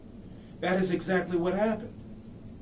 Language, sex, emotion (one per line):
English
male
neutral